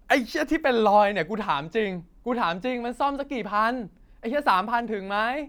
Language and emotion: Thai, angry